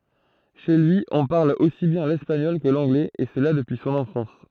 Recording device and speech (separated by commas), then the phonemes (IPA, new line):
throat microphone, read sentence
ʃe lyi ɔ̃ paʁl osi bjɛ̃ lɛspaɲɔl kə lɑ̃ɡlɛz e səla dəpyi sɔ̃n ɑ̃fɑ̃s